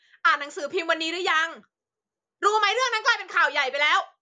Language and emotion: Thai, angry